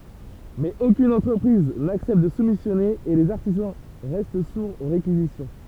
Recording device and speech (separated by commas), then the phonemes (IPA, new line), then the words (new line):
temple vibration pickup, read sentence
mɛz okyn ɑ̃tʁəpʁiz naksɛpt də sumisjɔne e lez aʁtizɑ̃ ʁɛst suʁz o ʁekizisjɔ̃
Mais aucune entreprise n’accepte de soumissionner et les artisans restent sourds aux réquisitions.